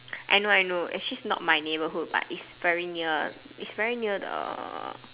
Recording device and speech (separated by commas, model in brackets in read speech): telephone, conversation in separate rooms